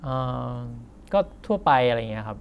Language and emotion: Thai, neutral